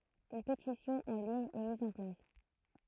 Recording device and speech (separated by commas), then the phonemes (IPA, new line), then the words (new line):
throat microphone, read sentence
yn petisjɔ̃ ɑ̃ liɲ ɛ miz ɑ̃ plas
Une pétition en ligne est mise en place.